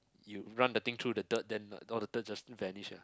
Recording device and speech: close-talking microphone, conversation in the same room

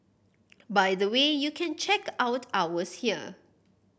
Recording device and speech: boundary microphone (BM630), read sentence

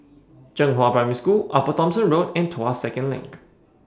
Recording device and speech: standing microphone (AKG C214), read sentence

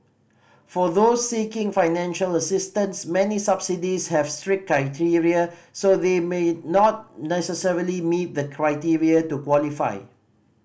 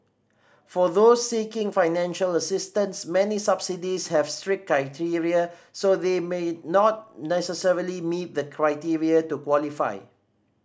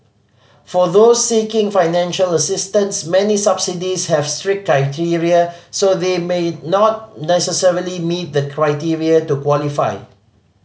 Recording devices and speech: boundary microphone (BM630), standing microphone (AKG C214), mobile phone (Samsung C5010), read sentence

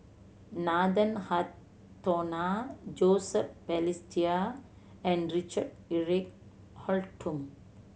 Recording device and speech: mobile phone (Samsung C7100), read sentence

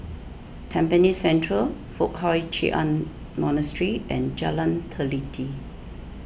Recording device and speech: boundary microphone (BM630), read sentence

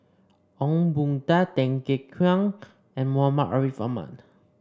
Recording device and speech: standing microphone (AKG C214), read sentence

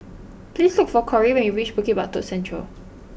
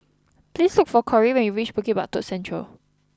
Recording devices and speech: boundary microphone (BM630), close-talking microphone (WH20), read sentence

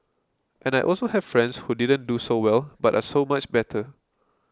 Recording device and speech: close-talking microphone (WH20), read sentence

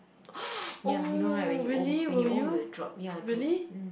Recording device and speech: boundary microphone, conversation in the same room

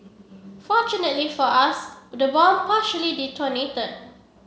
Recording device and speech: mobile phone (Samsung C7), read sentence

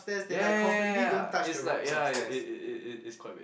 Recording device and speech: boundary microphone, conversation in the same room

